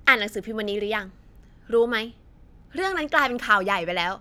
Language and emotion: Thai, frustrated